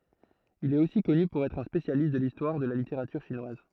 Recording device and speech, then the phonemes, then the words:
throat microphone, read sentence
il ɛt osi kɔny puʁ ɛtʁ œ̃ spesjalist də listwaʁ də la liteʁatyʁ ʃinwaz
Il est aussi connu pour être un spécialiste de l'histoire de la littérature chinoise.

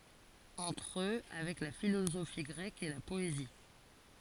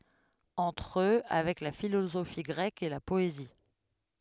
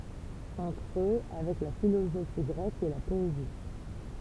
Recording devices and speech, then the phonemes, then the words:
forehead accelerometer, headset microphone, temple vibration pickup, read sentence
ɑ̃tʁ ø avɛk la filozofi ɡʁɛk e la pɔezi
Entre eux, avec la philosophie grecque et la poésie.

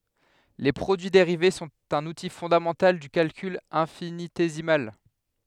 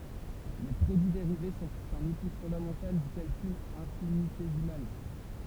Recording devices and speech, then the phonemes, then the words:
headset microphone, temple vibration pickup, read sentence
le pʁodyi deʁive sɔ̃t œ̃n uti fɔ̃damɑ̃tal dy kalkyl ɛ̃finitezimal
Les produits dérivés sont un outil fondamental du calcul infinitésimal.

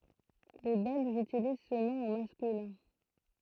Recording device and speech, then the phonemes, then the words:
throat microphone, read sentence
le bɛlʒz ytiliz sə nɔ̃ o maskylɛ̃
Les Belges utilisent ce nom au masculin.

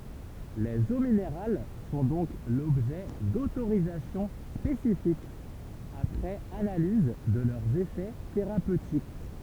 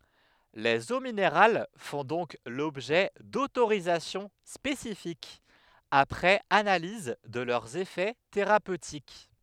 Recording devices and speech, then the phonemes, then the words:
temple vibration pickup, headset microphone, read sentence
lez o mineʁal fɔ̃ dɔ̃k lɔbʒɛ dotoʁizasjɔ̃ spesifikz apʁɛz analiz də lœʁz efɛ teʁapøtik
Les eaux minérales font donc l'objet d'autorisations spécifiques, après analyse de leurs effets thérapeutiques.

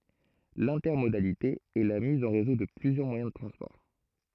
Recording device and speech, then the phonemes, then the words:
throat microphone, read sentence
lɛ̃tɛʁmodalite ɛ la miz ɑ̃ ʁezo də plyzjœʁ mwajɛ̃ də tʁɑ̃spɔʁ
L'intermodalité est la mise en réseau de plusieurs moyens de transport.

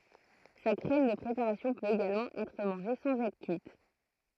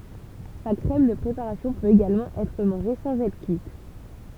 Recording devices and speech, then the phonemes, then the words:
throat microphone, temple vibration pickup, read sentence
sa kʁɛm də pʁepaʁasjɔ̃ pøt eɡalmɑ̃ ɛtʁ mɑ̃ʒe sɑ̃z ɛtʁ kyit
Sa crème de préparation peut également être mangée sans être cuite.

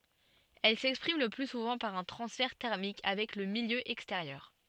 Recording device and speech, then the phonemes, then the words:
soft in-ear microphone, read sentence
ɛl sɛkspʁim lə ply suvɑ̃ paʁ œ̃ tʁɑ̃sfɛʁ tɛʁmik avɛk lə miljø ɛksteʁjœʁ
Elle s'exprime le plus souvent par un transfert thermique avec le milieu extérieur.

